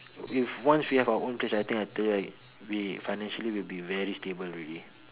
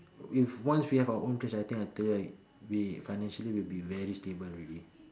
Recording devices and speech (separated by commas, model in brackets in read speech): telephone, standing microphone, conversation in separate rooms